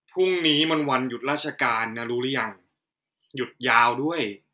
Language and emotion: Thai, frustrated